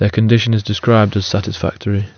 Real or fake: real